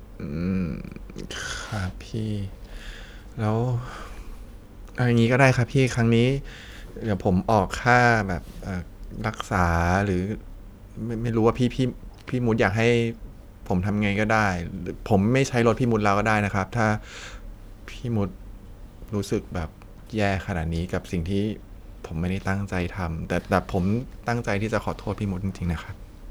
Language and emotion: Thai, sad